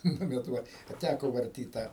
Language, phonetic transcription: Lithuanian, ˈnu bet ˈva a ˈtæko varˈtyt ˈtą

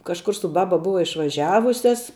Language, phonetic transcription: Lithuanian, kažˈkur su ˈbaba ˈbuva išvaˈžiavusias

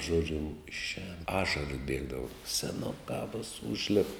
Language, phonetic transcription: Lithuanian, ˈžodžiu išˈēn ˈašaras ˈbiegdava seˈnukā vos ˈužlip

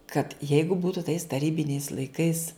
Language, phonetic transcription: Lithuanian, kad ˈjeigu ˈbūtu tais taˈrybiniais laiˈkais

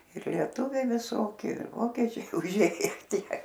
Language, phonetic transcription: Lithuanian, ir lieˈtuviai viˈsoki ir ˈvokečiai uˈžėje ˈtie

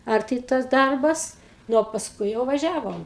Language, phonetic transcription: Lithuanian, arˈti tas ˈdarbas ˈnu o pasˈkui jau vaˈžiavom

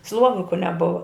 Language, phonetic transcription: Lithuanian, ˈsluoviku neˈbuva

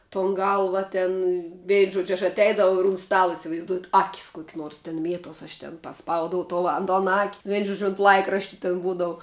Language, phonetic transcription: Lithuanian, ton ˈgalva ˈten ˈvein ˈžuodž' aš atˈeidavau ir un ˈstala isivaizˈduojat ˈakis ˈkuoki ˈnuors tin ˈmietuos aš ten paˈspaudau ˈto an ton ak' vein ˈžuodž' ont ˈlaikrašti tin ˈbūdavu

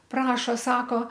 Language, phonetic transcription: Lithuanian, ˈprašo ˈsako

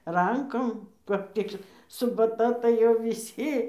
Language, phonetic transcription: Lithuanian, ˈrankom kap ˈtik subaˈta tai ˈjau viˈsi

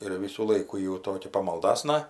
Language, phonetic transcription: Lithuanian, ir ˈvysų ˈlaikų ji jau ˈtokia pamalˈdasna

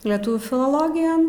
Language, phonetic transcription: Lithuanian, leˈtuvių filoˈlogijon

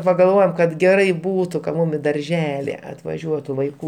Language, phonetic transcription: Lithuanian, pagalˈvojom kad ˈgerai ˈbūtu kad ˈmum i darˈželi atvaˈžiuotu vaiˈkų

